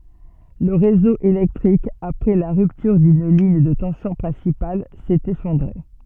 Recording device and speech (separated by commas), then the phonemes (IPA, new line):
soft in-ear microphone, read sentence
lə ʁezo elɛktʁik apʁɛ la ʁyptyʁ dyn liɲ də tɑ̃sjɔ̃ pʁɛ̃sipal sɛt efɔ̃dʁe